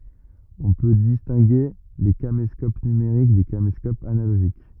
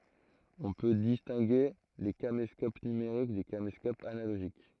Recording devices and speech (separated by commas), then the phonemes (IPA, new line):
rigid in-ear microphone, throat microphone, read sentence
ɔ̃ pø distɛ̃ɡe le kameskop nymeʁik de kameskopz analoʒik